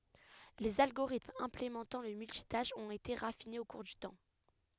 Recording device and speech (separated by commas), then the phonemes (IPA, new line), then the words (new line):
headset microphone, read sentence
lez alɡoʁitmz ɛ̃plemɑ̃tɑ̃ lə myltitaʃ ɔ̃t ete ʁafinez o kuʁ dy tɑ̃
Les algorithmes implémentant le multitâche ont été raffinés au cours du temps.